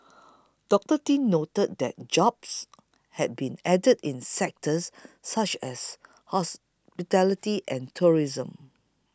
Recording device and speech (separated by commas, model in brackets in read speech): close-talking microphone (WH20), read sentence